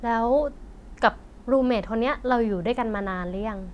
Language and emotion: Thai, neutral